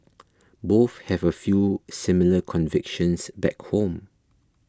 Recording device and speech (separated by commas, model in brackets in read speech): close-talking microphone (WH20), read sentence